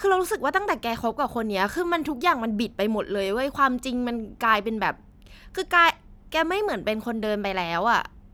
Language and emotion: Thai, frustrated